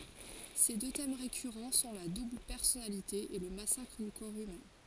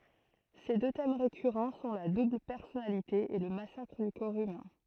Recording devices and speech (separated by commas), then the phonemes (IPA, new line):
forehead accelerometer, throat microphone, read sentence
se dø tɛm ʁekyʁɑ̃ sɔ̃ la dubl pɛʁsɔnalite e lə masakʁ dy kɔʁ ymɛ̃